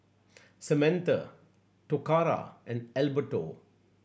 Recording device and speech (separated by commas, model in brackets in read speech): boundary microphone (BM630), read sentence